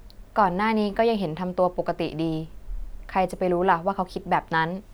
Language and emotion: Thai, neutral